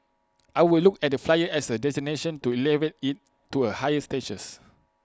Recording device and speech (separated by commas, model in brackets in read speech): close-talking microphone (WH20), read sentence